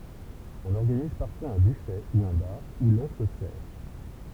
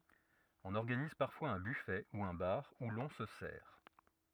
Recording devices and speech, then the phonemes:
temple vibration pickup, rigid in-ear microphone, read sentence
ɔ̃n ɔʁɡaniz paʁfwaz œ̃ byfɛ u œ̃ baʁ u lɔ̃ sə sɛʁ

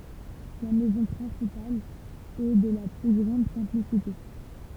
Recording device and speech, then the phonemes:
temple vibration pickup, read sentence
la mɛzɔ̃ pʁɛ̃sipal ɛ də la ply ɡʁɑ̃d sɛ̃plisite

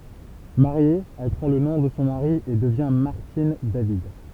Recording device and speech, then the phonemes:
temple vibration pickup, read sentence
maʁje ɛl pʁɑ̃ lə nɔ̃ də sɔ̃ maʁi e dəvjɛ̃ maʁtin david

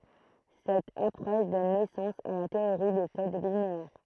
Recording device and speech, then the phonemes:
throat microphone, read sentence
sɛt apʁɔʃ dɔn nɛsɑ̃s a la teoʁi de kod lineɛʁ

